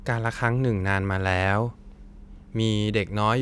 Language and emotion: Thai, neutral